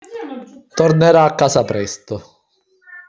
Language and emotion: Italian, neutral